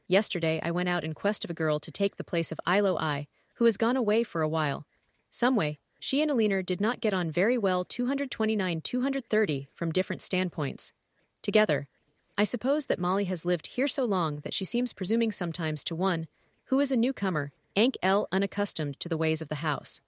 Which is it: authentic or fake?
fake